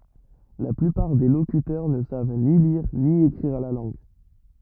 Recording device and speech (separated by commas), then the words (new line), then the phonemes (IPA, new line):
rigid in-ear microphone, read sentence
La plupart des locuteurs ne savent ni lire ni écrire la langue.
la plypaʁ de lokytœʁ nə sav ni liʁ ni ekʁiʁ la lɑ̃ɡ